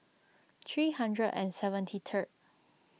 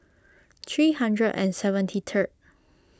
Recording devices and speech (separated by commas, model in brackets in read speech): mobile phone (iPhone 6), close-talking microphone (WH20), read sentence